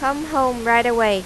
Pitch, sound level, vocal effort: 240 Hz, 92 dB SPL, loud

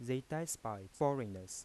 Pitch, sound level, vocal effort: 120 Hz, 85 dB SPL, soft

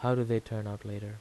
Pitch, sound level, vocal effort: 110 Hz, 82 dB SPL, soft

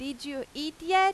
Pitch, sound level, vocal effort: 290 Hz, 94 dB SPL, very loud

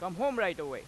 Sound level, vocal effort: 98 dB SPL, very loud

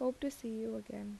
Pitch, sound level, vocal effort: 225 Hz, 77 dB SPL, soft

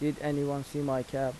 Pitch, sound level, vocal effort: 140 Hz, 84 dB SPL, normal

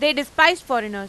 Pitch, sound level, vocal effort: 285 Hz, 97 dB SPL, loud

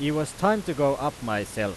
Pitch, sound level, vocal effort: 145 Hz, 95 dB SPL, very loud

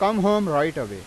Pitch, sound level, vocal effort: 195 Hz, 95 dB SPL, loud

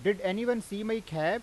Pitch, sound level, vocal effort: 210 Hz, 93 dB SPL, loud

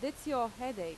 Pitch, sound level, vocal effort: 255 Hz, 88 dB SPL, loud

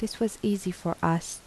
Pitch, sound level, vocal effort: 195 Hz, 78 dB SPL, soft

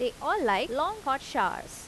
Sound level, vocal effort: 88 dB SPL, normal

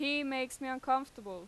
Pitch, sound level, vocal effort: 260 Hz, 92 dB SPL, loud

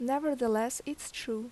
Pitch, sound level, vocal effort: 250 Hz, 81 dB SPL, normal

